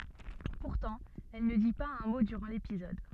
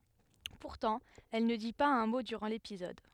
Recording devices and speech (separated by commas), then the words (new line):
soft in-ear microphone, headset microphone, read sentence
Pourtant, elle ne dit pas un mot durant l'épisode.